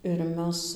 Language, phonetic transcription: Lithuanian, ir ˈmes

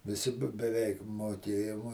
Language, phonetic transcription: Lithuanian, viˈsi be beˈveik moˈkėjum o

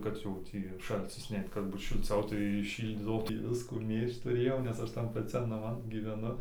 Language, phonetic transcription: Lithuanian, ˈkad jau ˈtį ˈšalcis ˈneit kad ˈbūt šilˈciau tai ˈšyldydavo ˈtį ˈviskų ˈmėžt tuˈrėjau nes ˈaš tan paˈcian naˈman giveˈnu

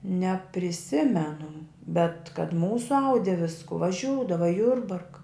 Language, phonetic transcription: Lithuanian, nepriˈsimenu bet kad ˈmūsu ˈaudi ˈvisku vaˈžiūdava i ˈjurbarka

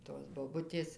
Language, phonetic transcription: Lithuanian, tos boˈbutės

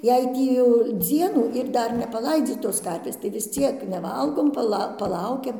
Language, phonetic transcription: Lithuanian, jei ˈtį jau ˈdzienų ir ˈdar nepaˈlaidzytos ˈkarvės tai vis ˈciek neˈvalgom paˈla paˈlaukiam

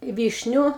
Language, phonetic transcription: Lithuanian, ˈvyšniu

